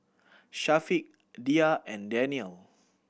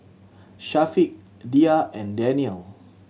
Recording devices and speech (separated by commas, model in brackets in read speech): boundary microphone (BM630), mobile phone (Samsung C7100), read sentence